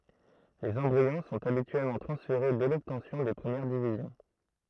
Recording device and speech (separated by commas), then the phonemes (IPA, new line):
throat microphone, read sentence
lez ɑ̃bʁiɔ̃ sɔ̃t abityɛlmɑ̃ tʁɑ̃sfeʁe dɛ lɔbtɑ̃sjɔ̃ de pʁəmjɛʁ divizjɔ̃